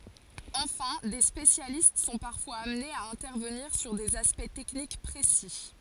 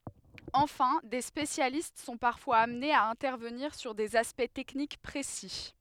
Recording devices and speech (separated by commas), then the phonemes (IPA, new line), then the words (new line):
forehead accelerometer, headset microphone, read sentence
ɑ̃fɛ̃ de spesjalist sɔ̃ paʁfwaz amnez a ɛ̃tɛʁvəniʁ syʁ dez aspɛkt tɛknik pʁesi
Enfin, des spécialistes sont parfois amenés à intervenir sur des aspects techniques précis.